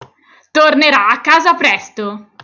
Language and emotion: Italian, happy